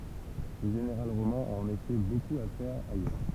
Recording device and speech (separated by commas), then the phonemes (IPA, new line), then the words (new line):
temple vibration pickup, read sentence
lə ʒeneʁal ʁomɛ̃ a ɑ̃n efɛ bokup a fɛʁ ajœʁ
Le général romain a en effet beaucoup à faire ailleurs.